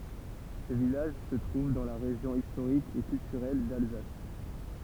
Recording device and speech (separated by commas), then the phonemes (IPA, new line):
temple vibration pickup, read sentence
sə vilaʒ sə tʁuv dɑ̃ la ʁeʒjɔ̃ istoʁik e kyltyʁɛl dalzas